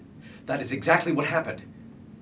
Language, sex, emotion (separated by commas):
English, male, angry